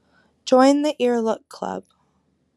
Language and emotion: English, sad